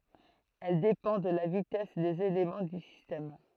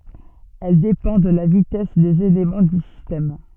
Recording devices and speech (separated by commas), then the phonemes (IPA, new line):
throat microphone, soft in-ear microphone, read sentence
ɛl depɑ̃ də la vitɛs dez elemɑ̃ dy sistɛm